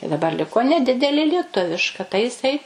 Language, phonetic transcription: Lithuanian, i daˈbar ˈliko neˈdidelė lieˈtuviška tai jiˈsai

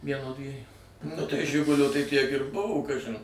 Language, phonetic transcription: Lithuanian, ˈvieno ˈdviejų nu tai ˈžigulio tai ˈtiek ir ˈbuvo ˈkažin

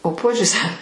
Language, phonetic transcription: Lithuanian, o ˈpuodžiuse

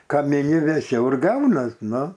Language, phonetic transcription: Lithuanian, kamiˈni vėˈsiau ir ˈgaunas ˈnu

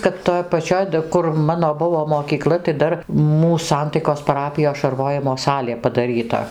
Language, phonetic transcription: Lithuanian, kad toj paˈčioj da kur ˈmano ˈbuvo mokyˈkla tai ˈdar ˈmūs ˈsantaikos paˈrapijos šarˈvojimo ˈsalė padaˈryta

